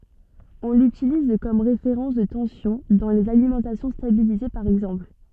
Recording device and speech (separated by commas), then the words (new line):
soft in-ear microphone, read sentence
On l'utilise comme référence de tension dans les alimentations stabilisées par exemple.